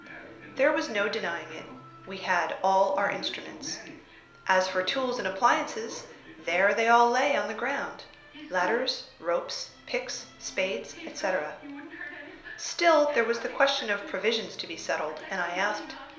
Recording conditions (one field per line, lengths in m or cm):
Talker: one person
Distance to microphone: 1.0 m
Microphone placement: close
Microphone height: 1.1 m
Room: small (3.7 m by 2.7 m)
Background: television